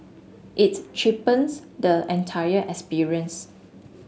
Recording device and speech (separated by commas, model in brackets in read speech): mobile phone (Samsung S8), read sentence